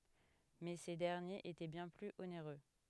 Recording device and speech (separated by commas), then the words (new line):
headset microphone, read sentence
Mais ces derniers étaient bien plus onéreux.